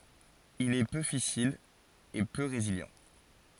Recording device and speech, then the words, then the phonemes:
forehead accelerometer, read sentence
Il est peu fissile et peu résilient.
il ɛ pø fisil e pø ʁezili

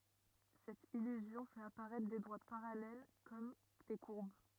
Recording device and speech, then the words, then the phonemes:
rigid in-ear microphone, read sentence
Cette illusion fait apparaître des droites parallèles comme des courbes.
sɛt ilyzjɔ̃ fɛt apaʁɛtʁ de dʁwat paʁalɛl kɔm de kuʁb

